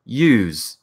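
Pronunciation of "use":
'Use' is said with a z sound, as the verb, not the noun.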